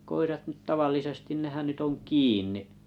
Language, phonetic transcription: Finnish, 'koirat nyt "tavallisestin nehän ny't ‿on "kiini .
- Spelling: koirat nyt tavallisesti nehän nyt on kiinni

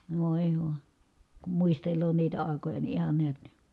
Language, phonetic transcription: Finnish, vòi̮ voI , kum muistel̆loo niitä ài̮koja ni ihan neät ni ,.
- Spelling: voi voi kun muistelee niitä aikoja niin ihan näet niin

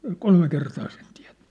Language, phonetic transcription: Finnish, ja "kolme 'kertaa sen tiä̭t(tᴇ) . «
- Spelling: ja kolme kertaa sen teette

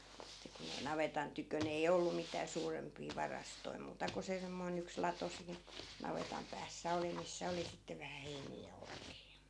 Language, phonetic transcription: Finnish, että kun ‿ei 'navetan tykön ‿ei "ollu mitää 'suurempii 'varastoi 'muuta ko se 'semmoi̮n ‿yks 'lato siin , 'navetam päässä "oli missä 'oli sitte vähä 'heinii ja 'olkii .
- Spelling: että kun ei navetan tykönä ei ollut mitään suurempia varastoja muuta kuin se semmoinen yksi lato siinä navetan päässä oli missä oli sitten vähän heiniä ja olkia

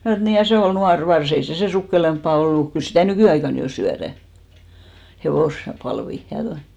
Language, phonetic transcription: Finnish, mnä̀ sanò et » 'nii ja 'sè ol 'nuar 'vars , ei se 'sè "sukkelemppà 'ollu , 'kyl stä̀ "nykỳ₍aikan jo 'syärä , 'hevòs- , -'palvi ja (toi noi) « .
- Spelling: minä sanoin että niin ja se oli nuori varsa ei se sen sukkelampaa ollut kyllä sitä nykyaikana jo syödään - hevospalvia ja tuo noin

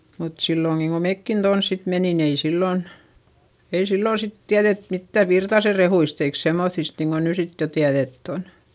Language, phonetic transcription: Finnish, mut silloŋGiŋ ko mekkin tons sit menin ‿ei sillòn , ei sillòn sit tiäδet mittäv Virtase rehuist ‿eik semmoϑist niiŋko ny sit jo tiäδett ‿on .
- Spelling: mutta silloinkin kun mekin tuonne sitten menimme ei silloin ei silloin sitten tiedetty mitään Virtasen rehuista eikä semmoisista niin kuin nyt sitten jo tiedetty on

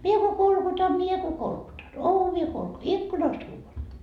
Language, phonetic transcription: Finnish, 'mie ko 'kolkutam 'mie ko 'kolkutan , "ovi₍a kolku- , "ikkunast huuvan .
- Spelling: minä kun kolkutan minä kun kolkutan ovea - ikkunasta huudan

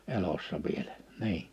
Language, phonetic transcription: Finnish, 'elossa vieʟᴀ̈ , 'nii .
- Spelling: elossa vielä niin

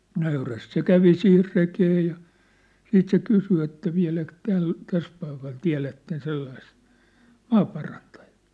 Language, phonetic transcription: Finnish, 'nöyräst se "kävi sihir "rekee ja , 'siit se "kysy että 'viä̭läk 'täl , 'täs paikal "tiä̭lätten 'sellaist , "maaparantᴀᴊᴀᴀ .
- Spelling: nöyrästi se kävi siihen rekeen ja sitten se kysyi että vieläkö tällä tässä paikalla tiedätte sellaista maaparantajaa

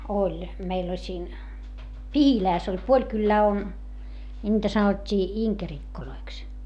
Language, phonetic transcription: Finnish, oĺ , meil ‿oĺ siin , Pihilääs ‿oĺ puoĺ kyllää on , ńiitä sanot́t́ii iŋkerikkoloiks .
- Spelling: oli meillä oli siinä Pihilässä oli puoli kylää on niitä sanottiin inkerikoiksi

